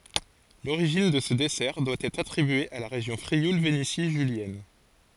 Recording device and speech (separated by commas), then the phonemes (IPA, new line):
forehead accelerometer, read sentence
loʁiʒin də sə dɛsɛʁ dwa ɛtʁ atʁibye a la ʁeʒjɔ̃ fʁiul veneti ʒyljɛn